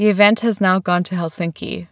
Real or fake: real